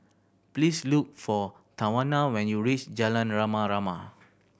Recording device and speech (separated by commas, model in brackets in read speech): boundary microphone (BM630), read sentence